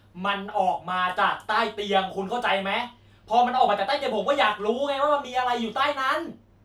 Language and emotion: Thai, angry